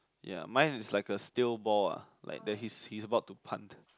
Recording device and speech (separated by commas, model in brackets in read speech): close-talking microphone, conversation in the same room